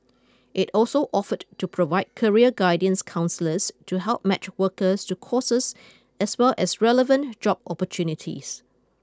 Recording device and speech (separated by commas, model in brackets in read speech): close-talking microphone (WH20), read sentence